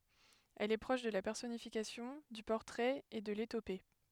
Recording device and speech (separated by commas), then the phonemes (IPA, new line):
headset microphone, read sentence
ɛl ɛ pʁɔʃ də la pɛʁsɔnifikasjɔ̃ dy pɔʁtʁɛt e də letope